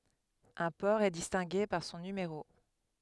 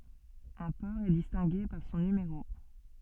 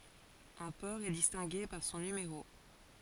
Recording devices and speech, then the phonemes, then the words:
headset microphone, soft in-ear microphone, forehead accelerometer, read sentence
œ̃ pɔʁ ɛ distɛ̃ɡe paʁ sɔ̃ nymeʁo
Un port est distingué par son numéro.

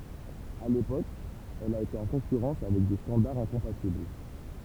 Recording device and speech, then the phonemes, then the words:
temple vibration pickup, read sentence
a lepok ɛl a ete ɑ̃ kɔ̃kyʁɑ̃s avɛk de stɑ̃daʁz ɛ̃kɔ̃patibl
À l'époque elle a été en concurrence avec des standards incompatibles.

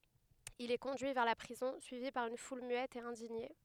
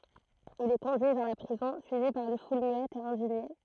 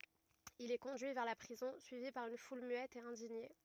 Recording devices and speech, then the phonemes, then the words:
headset microphone, throat microphone, rigid in-ear microphone, read sentence
il ɛ kɔ̃dyi vɛʁ la pʁizɔ̃ syivi paʁ yn ful myɛt e ɛ̃diɲe
Il est conduit vers la prison, suivi par une foule muette et indignée.

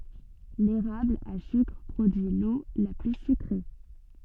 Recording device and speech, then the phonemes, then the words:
soft in-ear microphone, read sentence
leʁabl a sykʁ pʁodyi lo la ply sykʁe
L'érable à sucre produit l'eau la plus sucrée.

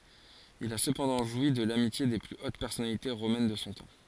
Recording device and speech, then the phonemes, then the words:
forehead accelerometer, read sentence
il a səpɑ̃dɑ̃ ʒwi də lamitje de ply ot pɛʁsɔnalite ʁomɛn də sɔ̃ tɑ̃
Il a cependant joui de l'amitié des plus hautes personnalités romaines de son temps.

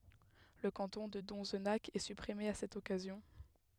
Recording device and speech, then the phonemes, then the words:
headset microphone, read sentence
lə kɑ̃tɔ̃ də dɔ̃znak ɛ sypʁime a sɛt ɔkazjɔ̃
Le canton de Donzenac est supprimé à cette occasion.

